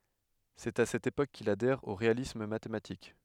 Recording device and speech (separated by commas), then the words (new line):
headset microphone, read sentence
C'est à cette époque qu'il adhère au réalisme mathématique.